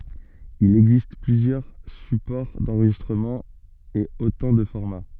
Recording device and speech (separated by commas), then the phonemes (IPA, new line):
soft in-ear microphone, read sentence
il ɛɡzist plyzjœʁ sypɔʁ dɑ̃ʁʒistʁəmɑ̃ e otɑ̃ də fɔʁma